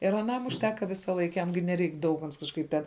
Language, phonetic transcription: Lithuanian, ir aˈnam užˈteka ˈvisaˌlaik ˈjam gi neˈreik daug ans kažˈkaip ten

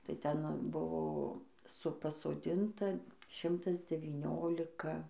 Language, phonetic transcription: Lithuanian, tai ˈten ˈbuvo ˈsu pasoˈdinta ˈšimtas devyˈniolika

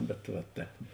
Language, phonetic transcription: Lithuanian, bet va ˈtēp

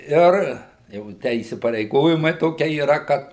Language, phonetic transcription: Lithuanian, ˈir jau ˈtę įsipareiˈgojimai ˈtokie yˈra ˈkad

